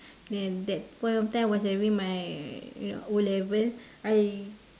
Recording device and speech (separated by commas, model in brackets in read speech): standing microphone, conversation in separate rooms